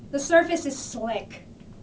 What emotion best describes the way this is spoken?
disgusted